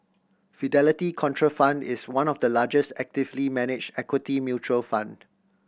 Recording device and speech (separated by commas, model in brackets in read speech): boundary microphone (BM630), read sentence